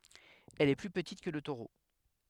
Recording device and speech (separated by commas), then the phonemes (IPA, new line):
headset microphone, read sentence
ɛl ɛ ply pətit kə lə toʁo